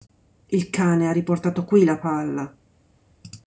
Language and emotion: Italian, sad